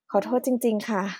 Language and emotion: Thai, sad